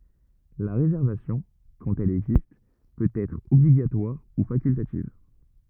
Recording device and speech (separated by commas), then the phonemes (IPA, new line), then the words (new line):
rigid in-ear microphone, read sentence
la ʁezɛʁvasjɔ̃ kɑ̃t ɛl ɛɡzist pøt ɛtʁ ɔbliɡatwaʁ u fakyltativ
La réservation, quand elle existe, peut être obligatoire ou facultative.